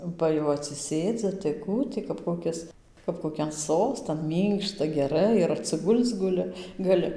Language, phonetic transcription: Lithuanian, ˈba jau atsiˈsėdzi tai ˈkų ti kap koˈkis kap koˈkian ˈsostan ˈmynkšta geˈrai ir atsiˈgul'c guˈli gaˈli

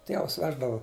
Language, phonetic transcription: Lithuanian, ˈtievas ˈveždavu

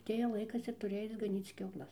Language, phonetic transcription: Lithuanian, aˈtėja ˈlaikas ir tuˈri ˈaic gaˈnyc kiauˈlas

